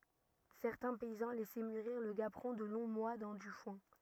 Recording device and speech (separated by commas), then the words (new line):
rigid in-ear microphone, read sentence
Certains paysans laissaient mûrir le gaperon de longs mois dans du foin.